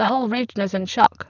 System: VC, spectral filtering